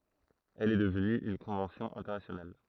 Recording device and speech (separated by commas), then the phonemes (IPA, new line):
throat microphone, read sentence
ɛl ɛ dəvny yn kɔ̃vɑ̃sjɔ̃ ɛ̃tɛʁnasjonal